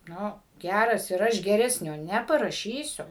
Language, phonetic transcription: Lithuanian, ˈnu ˈgæras ir ˈaš geˈresnio ˌneparaˈšysiu

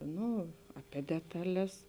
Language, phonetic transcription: Lithuanian, ˈnu apie ˈdetaˌles

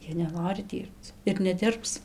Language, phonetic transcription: Lithuanian, ˈjie neˈnori ˈdyrbc ir neˈdirbs

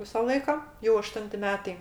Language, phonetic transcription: Lithuanian, ˈvisa ˈlaika jau aˈštunti ˈmetai

